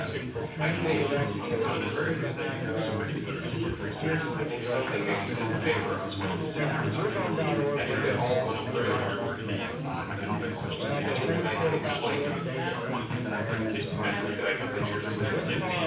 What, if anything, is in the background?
Crowd babble.